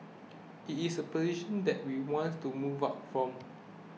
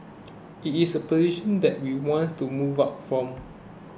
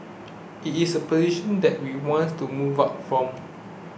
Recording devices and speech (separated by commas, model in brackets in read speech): mobile phone (iPhone 6), close-talking microphone (WH20), boundary microphone (BM630), read sentence